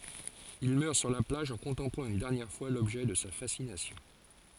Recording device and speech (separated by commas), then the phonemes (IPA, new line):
forehead accelerometer, read sentence
il mœʁ syʁ la plaʒ ɑ̃ kɔ̃tɑ̃plɑ̃ yn dɛʁnjɛʁ fwa lɔbʒɛ də sa fasinasjɔ̃